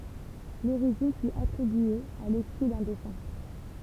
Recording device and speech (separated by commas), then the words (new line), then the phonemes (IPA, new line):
temple vibration pickup, read sentence
L'origine fut attribuée à l'esprit d'un défunt.
loʁiʒin fy atʁibye a lɛspʁi dœ̃ defœ̃